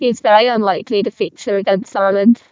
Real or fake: fake